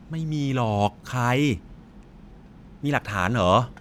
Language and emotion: Thai, frustrated